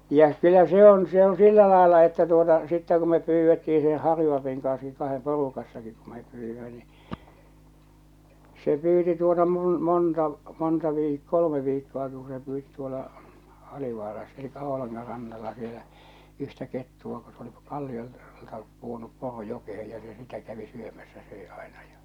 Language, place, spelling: Finnish, Salla, ja kyllä se on se on sillä lailla että tuota sitten kun me pyydettiin sen Harju-Alpin kanssakin kahden porukassakin kun me pyysimme niin se pyysi tuota - monta monta - kolme viikkoakin kun se pyysi tuolla Alivaarassa eli Oulangan rannalla siellä yhtä kettua kun se oli - kalliolta pudonnut poro jokeen ja se sitä kävi syömässä söi aina ja
- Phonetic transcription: jä kyl̆lä 'se 'on , 'se 'oo̰ 'sillä làella että tuota , sittä ku me pyyvvetti₍i se 'Harju-al̬apiŋ kanski kahem 'porukassakik ku mep pyyvvimä ni , 'se 'pyyti tuota mul- 'monta , 'monta viik- , 'kol°me 'viikko₍aki ku se pyyti tuola , 'Alivaaras- elikkä 'ᴏo̭laŋŋa rannalla sielä , 'yhtä 'kettu₍a ko s ‿oli , 'kalliol- , -lta puonup 'poro 'jokehej ja se 'sitä kävi 'syömässä 'söe àena ᴊᴀ .

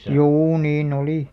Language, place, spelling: Finnish, Alastaro, juu niin oli
- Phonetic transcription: 'juu nii'n ‿olì .

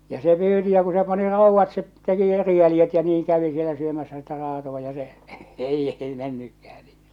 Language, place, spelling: Finnish, Salla, ja se pyysi ja kun se pani raudat se teki eri jäljet ja niin kävi siellä syömässä sitä raatoa ja se ei ei mennytkään niin
- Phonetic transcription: ja 'se 'pyyti ja ku se pani 'ràuvvat se , teki 'eri 'jäljet ja 'niiŋ kävi sielä syömäs̆sä sitä raatoᵛa ja se , 'ei 'ei mennykkähᴀ̈ ɴɪ .

